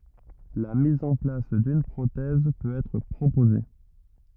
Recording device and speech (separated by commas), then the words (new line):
rigid in-ear microphone, read sentence
La mise en place d'une prothèse peut être proposée.